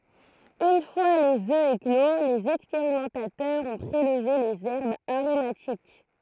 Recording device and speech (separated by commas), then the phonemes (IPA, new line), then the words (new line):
throat microphone, read sentence
yn fwa lez ø eklo lez ɛkspeʁimɑ̃tatœʁz ɔ̃ pʁelve lez ɛʁbz aʁomatik
Une fois les œufs éclos, les expérimentateurs ont prélevé les herbes aromatiques.